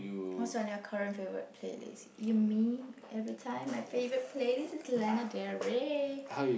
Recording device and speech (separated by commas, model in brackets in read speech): boundary microphone, conversation in the same room